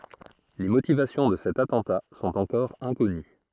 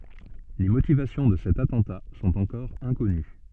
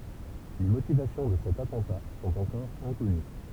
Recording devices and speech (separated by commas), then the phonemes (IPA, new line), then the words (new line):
throat microphone, soft in-ear microphone, temple vibration pickup, read sentence
le motivasjɔ̃ də sɛt atɑ̃ta sɔ̃t ɑ̃kɔʁ ɛ̃kɔny
Les motivations de cet attentat sont encore inconnues.